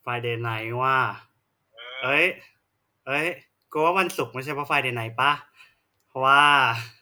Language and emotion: Thai, happy